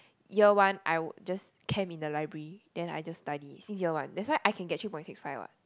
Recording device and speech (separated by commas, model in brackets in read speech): close-talking microphone, conversation in the same room